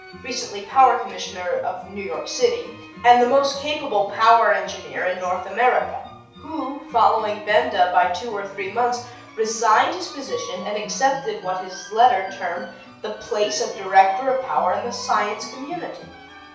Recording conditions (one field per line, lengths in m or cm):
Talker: one person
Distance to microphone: 3.0 m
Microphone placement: far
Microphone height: 1.8 m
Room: small (3.7 m by 2.7 m)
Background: music